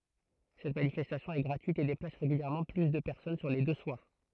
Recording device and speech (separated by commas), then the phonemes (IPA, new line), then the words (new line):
throat microphone, read sentence
sɛt manifɛstasjɔ̃ ɛ ɡʁatyit e deplas ʁeɡyljɛʁmɑ̃ ply də pɛʁsɔn syʁ le dø swaʁ
Cette manifestation est gratuite et déplace régulièrement plus de personnes sur les deux soirs.